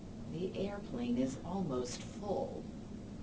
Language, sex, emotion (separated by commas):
English, female, neutral